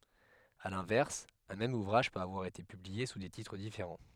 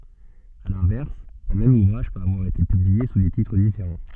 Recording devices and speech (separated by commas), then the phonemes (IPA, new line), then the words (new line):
headset microphone, soft in-ear microphone, read sentence
a lɛ̃vɛʁs œ̃ mɛm uvʁaʒ pøt avwaʁ ete pyblie su de titʁ difeʁɑ̃
À l'inverse, un même ouvrage peut avoir été publié sous des titres différents.